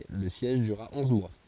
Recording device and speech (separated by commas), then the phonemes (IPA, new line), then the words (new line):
forehead accelerometer, read sentence
lə sjɛʒ dyʁʁa ɔ̃z mwa
Le siège durera onze mois.